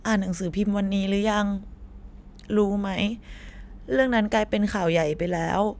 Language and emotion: Thai, sad